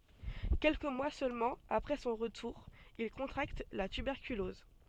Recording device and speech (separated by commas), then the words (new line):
soft in-ear microphone, read sentence
Quelques mois seulement après son retour, il contracte la tuberculose.